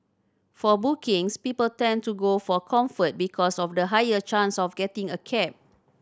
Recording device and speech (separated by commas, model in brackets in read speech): standing microphone (AKG C214), read sentence